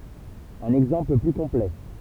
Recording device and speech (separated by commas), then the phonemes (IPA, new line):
temple vibration pickup, read sentence
œ̃n ɛɡzɑ̃pl ply kɔ̃plɛ